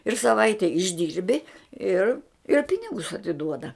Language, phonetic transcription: Lithuanian, ir saˈvaite išˈdyrbi ˈir ir ˈpinigus atiˈduoda

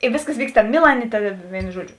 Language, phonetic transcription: Lithuanian, i ˈvėsˌkas ˈvykst ˈtamė ˈmilanė ˈta ˈvėinu ˈžuoˌdžiu

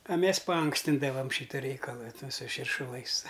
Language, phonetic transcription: Lithuanian, a ˈmes paˈankstindavam ˈšyta ˈreikala ˈtu su širšuˈlais

